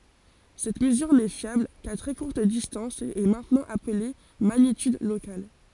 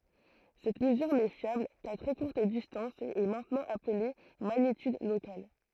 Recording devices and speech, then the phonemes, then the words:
forehead accelerometer, throat microphone, read sentence
sɛt məzyʁ nɛ fjabl ka tʁɛ kuʁt distɑ̃s e ɛ mɛ̃tnɑ̃ aple maɲityd lokal
Cette mesure n'est fiable qu'à très courte distance et est maintenant appelée magnitude locale.

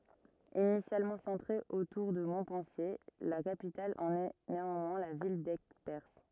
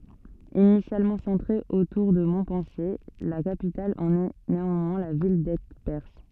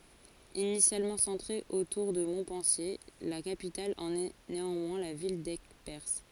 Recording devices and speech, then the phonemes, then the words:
rigid in-ear microphone, soft in-ear microphone, forehead accelerometer, read sentence
inisjalmɑ̃ sɑ̃tʁe otuʁ də mɔ̃pɑ̃sje la kapital ɑ̃n ɛ neɑ̃mwɛ̃ la vil dɛɡpɛʁs
Initialement centrée autour de Montpensier, la capitale en est néanmoins la ville d'Aigueperse.

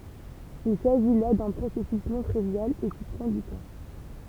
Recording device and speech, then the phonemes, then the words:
temple vibration pickup, read sentence
il saʒi la dœ̃ pʁosɛsys nɔ̃ tʁivjal e ki pʁɑ̃ dy tɑ̃
Il s'agit là d'un processus non trivial, et qui prend du temps.

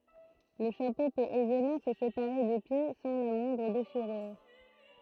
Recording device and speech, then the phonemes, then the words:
throat microphone, read sentence
lə ʃapo pøt ɛzemɑ̃ sə sepaʁe dy pje sɑ̃ la mwɛ̃dʁ deʃiʁyʁ
Le chapeau peut aisément se séparer du pied sans la moindre déchirure.

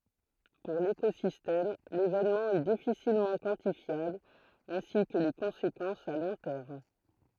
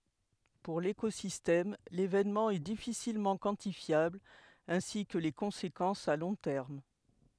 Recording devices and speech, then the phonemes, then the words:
throat microphone, headset microphone, read sentence
puʁ lekozistɛm levenmɑ̃ ɛ difisilmɑ̃ kwɑ̃tifjabl ɛ̃si kə le kɔ̃sekɑ̃sz a lɔ̃ tɛʁm
Pour l'écosystème, l'événement est difficilement quantifiable ainsi que les conséquences à long terme.

